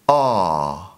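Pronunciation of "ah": This 'ah' is the vowel of 'car' said the British way.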